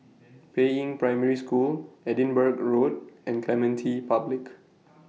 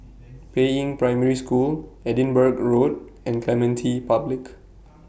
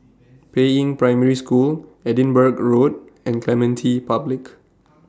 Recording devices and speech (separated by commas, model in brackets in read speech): mobile phone (iPhone 6), boundary microphone (BM630), standing microphone (AKG C214), read sentence